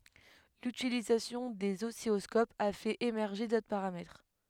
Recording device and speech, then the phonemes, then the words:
headset microphone, read sentence
lytilizasjɔ̃ dez ɔsilɔskopz a fɛt emɛʁʒe dotʁ paʁamɛtʁ
L'utilisation des oscilloscopes a fait émerger d'autres paramètres.

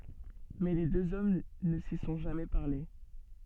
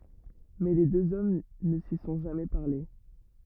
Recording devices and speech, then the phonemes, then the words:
soft in-ear microphone, rigid in-ear microphone, read sentence
mɛ le døz ɔm nə si sɔ̃ ʒamɛ paʁle
Mais les deux hommes ne s'y sont jamais parlé.

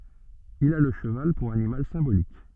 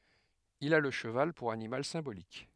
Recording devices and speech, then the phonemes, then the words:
soft in-ear microphone, headset microphone, read sentence
il a lə ʃəval puʁ animal sɛ̃bolik
Il a le cheval pour animal symbolique.

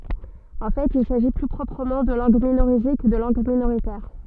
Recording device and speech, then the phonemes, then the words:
soft in-ear microphone, read sentence
ɑ̃ fɛt il saʒi ply pʁɔpʁəmɑ̃ də lɑ̃ɡ minoʁize kə də lɑ̃ɡ minoʁitɛʁ
En fait, il s'agit plus proprement de langues minorisées que de langues minoritaires.

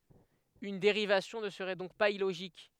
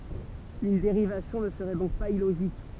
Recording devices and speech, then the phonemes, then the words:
headset microphone, temple vibration pickup, read sentence
yn deʁivasjɔ̃ nə səʁɛ dɔ̃k paz iloʒik
Une dérivation ne serait donc pas illogique.

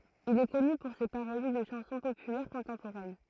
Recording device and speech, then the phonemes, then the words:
throat microphone, read sentence
il ɛ kɔny puʁ se paʁodi də ʃɑ̃sɔ̃ popylɛʁ kɔ̃tɑ̃poʁɛn
Il est connu pour ses parodies de chansons populaires contemporaines.

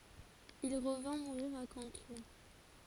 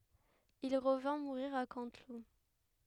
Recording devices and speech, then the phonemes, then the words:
forehead accelerometer, headset microphone, read sentence
il ʁəvɛ̃ muʁiʁ a kɑ̃tlup
Il revint mourir à Canteloup.

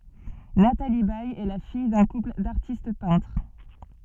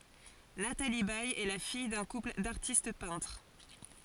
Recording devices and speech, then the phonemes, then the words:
soft in-ear microphone, forehead accelerometer, read sentence
natali bɛj ɛ la fij dœ̃ kupl daʁtist pɛ̃tʁ
Nathalie Baye est la fille d'un couple d'artistes peintres.

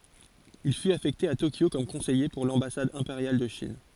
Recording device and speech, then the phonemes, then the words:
forehead accelerometer, read sentence
il fyt afɛkte a tokjo kɔm kɔ̃sɛje puʁ lɑ̃basad ɛ̃peʁjal də ʃin
Il fut affecté à Tokyo comme conseiller pour l'ambassade impériale de Chine.

